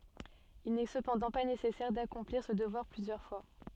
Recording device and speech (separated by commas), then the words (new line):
soft in-ear microphone, read sentence
Il n'est cependant pas nécessaire d'accomplir ce devoir plusieurs fois.